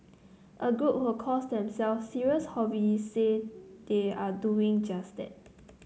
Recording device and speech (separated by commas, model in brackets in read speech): mobile phone (Samsung C9), read sentence